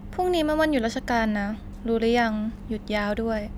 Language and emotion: Thai, neutral